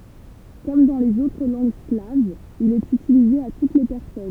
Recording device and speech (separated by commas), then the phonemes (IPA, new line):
temple vibration pickup, read sentence
kɔm dɑ̃ lez otʁ lɑ̃ɡ slavz il ɛt ytilize a tut le pɛʁsɔn